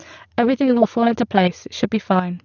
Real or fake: fake